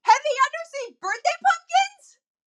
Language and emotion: English, surprised